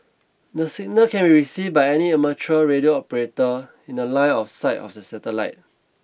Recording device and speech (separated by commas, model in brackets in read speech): boundary microphone (BM630), read sentence